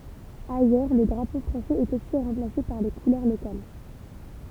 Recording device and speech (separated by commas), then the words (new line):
temple vibration pickup, read sentence
Ailleurs le drapeau français est aussi remplacé par les couleurs locales.